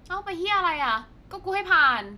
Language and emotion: Thai, frustrated